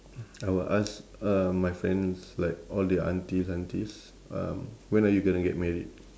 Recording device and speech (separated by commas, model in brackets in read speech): standing microphone, conversation in separate rooms